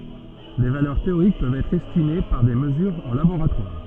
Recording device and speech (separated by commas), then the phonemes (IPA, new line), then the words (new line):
soft in-ear microphone, read sentence
de valœʁ teoʁik pøvt ɛtʁ ɛstime paʁ de məzyʁz ɑ̃ laboʁatwaʁ
Des valeurs théoriques peuvent être estimées par des mesures en laboratoire.